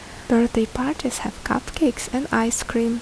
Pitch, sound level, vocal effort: 240 Hz, 72 dB SPL, soft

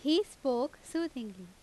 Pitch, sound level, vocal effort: 265 Hz, 87 dB SPL, loud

